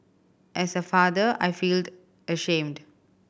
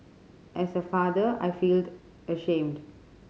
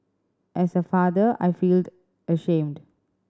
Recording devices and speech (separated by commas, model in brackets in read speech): boundary microphone (BM630), mobile phone (Samsung C5010), standing microphone (AKG C214), read sentence